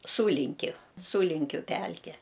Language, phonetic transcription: Lithuanian, ˈsūlinkiu ˈsūlinkiu ˈpælke

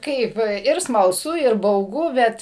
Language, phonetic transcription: Lithuanian, ˈkaip ir smalˈsu ir bauˈgu ˈbet

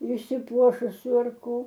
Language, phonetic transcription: Lithuanian, išsiˈpuošusiu ar ˈko

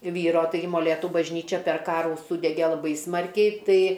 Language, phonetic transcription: Lithuanian, ˈvyro ˈtaigi moˈlėtu bažˈnyčia per ˈkarų ˈsūdege laˈbai ˈsmarkiai ˈtai

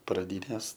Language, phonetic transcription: Lithuanian, praˈdynės

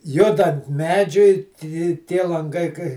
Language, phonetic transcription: Lithuanian, ˈjudant ˈmedžiui ti ˈtie lanˈgai kai

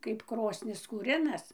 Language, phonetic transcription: Lithuanian, kaip ˈkrosnis kūˈrinas

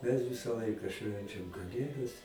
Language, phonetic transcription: Lithuanian, mes ˈvisa ˈlaika ˈšvenčiam kaˈlėdas

